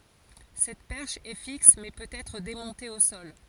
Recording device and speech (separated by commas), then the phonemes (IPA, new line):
forehead accelerometer, read sentence
sɛt pɛʁʃ ɛ fiks mɛ pøt ɛtʁ demɔ̃te o sɔl